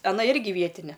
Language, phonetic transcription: Lithuanian, aˈna ˈirgi ˈvietine

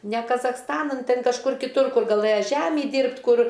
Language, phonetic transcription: Lithuanian, ne kazachsˈtanan ˈtin kažˈkur kiˈtur ˈkur gaˈlɘja ˈžæmį ˈdyrbt' ˈkur

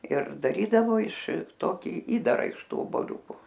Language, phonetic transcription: Lithuanian, ir daˈrydavo iš ˈtoki ˈįdara iš ˈtų oboˈliūku

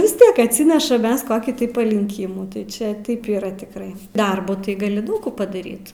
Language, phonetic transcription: Lithuanian, vis ˈtiek atˈsinešam ˈmes ˈkokį tai palinˈkimų tai ˈčiaˈ taip yˈra tikˈrai ˈdarbu tai gaˈli ˈdaug kų padaˈryt

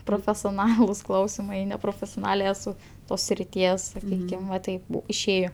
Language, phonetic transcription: Lithuanian, profesioˈnalus ˈklausimai neprofesioˈnalė eˈsu ˈtos sriˈties saˈkykim va ˈtaip bu išˈėjo

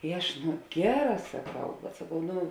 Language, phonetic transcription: Lithuanian, i ˈaš ˈnu ˈgeˌrā saˈkau bet saˈkau ˈnu

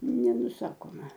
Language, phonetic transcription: Lithuanian, nenuˈsakoma

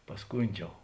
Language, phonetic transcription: Lithuanian, pasˈkundžiau

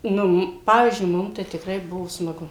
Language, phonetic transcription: Lithuanian, ˈnu m ˈpavyzdžiui ˈmum tai tiˈkrai ˈbuvo smaˈgu

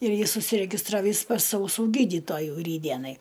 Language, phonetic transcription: Lithuanian, ir ˈjis užsiregisˈtravys pas auˈsų ˈgydytojų ˈrytdienai

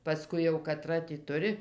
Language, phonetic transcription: Lithuanian, paˈskui jau kaˈtra ti ˈturi

